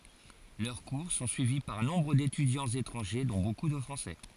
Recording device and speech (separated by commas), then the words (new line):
forehead accelerometer, read sentence
Leurs cours sont suivis par nombre d'étudiants étrangers, dont beaucoup de Français.